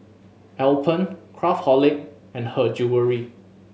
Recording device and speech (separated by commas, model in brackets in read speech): mobile phone (Samsung S8), read sentence